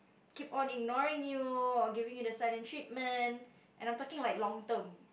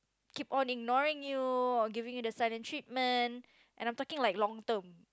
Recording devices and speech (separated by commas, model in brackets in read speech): boundary microphone, close-talking microphone, conversation in the same room